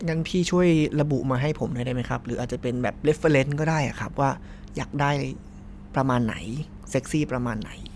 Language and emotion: Thai, neutral